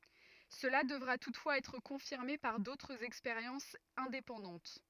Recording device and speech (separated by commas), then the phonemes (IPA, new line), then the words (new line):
rigid in-ear microphone, read sentence
səla dəvʁa tutfwaz ɛtʁ kɔ̃fiʁme paʁ dotʁz ɛkspeʁjɑ̃sz ɛ̃depɑ̃dɑ̃t
Cela devra toutefois être confirmé par d'autres expériences indépendantes.